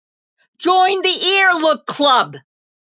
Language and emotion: English, happy